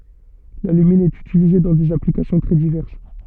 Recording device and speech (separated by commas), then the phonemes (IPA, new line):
soft in-ear microphone, read sentence
lalymin ɛt ytilize dɑ̃ dez aplikasjɔ̃ tʁɛ divɛʁs